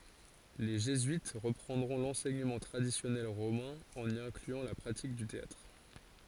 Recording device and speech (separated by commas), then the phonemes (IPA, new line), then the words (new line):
forehead accelerometer, read sentence
le ʒezyit ʁəpʁɑ̃dʁɔ̃ lɑ̃sɛɲəmɑ̃ tʁadisjɔnɛl ʁomɛ̃ ɑ̃n i ɛ̃klyɑ̃ la pʁatik dy teatʁ
Les jésuites reprendront l'enseignement traditionnel romain, en y incluant la pratique du théâtre.